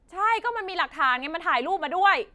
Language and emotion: Thai, angry